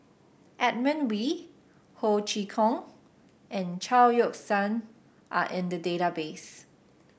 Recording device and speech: boundary microphone (BM630), read sentence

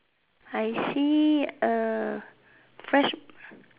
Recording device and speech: telephone, conversation in separate rooms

